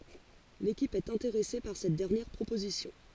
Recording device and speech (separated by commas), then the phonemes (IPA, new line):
forehead accelerometer, read sentence
lekip ɛt ɛ̃teʁɛse paʁ sɛt dɛʁnjɛʁ pʁopozisjɔ̃